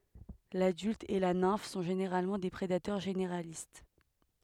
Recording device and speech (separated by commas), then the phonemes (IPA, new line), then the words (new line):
headset microphone, read sentence
ladylt e la nɛ̃f sɔ̃ ʒeneʁalmɑ̃ de pʁedatœʁ ʒeneʁalist
L'adulte et la nymphe sont généralement des prédateurs généralistes.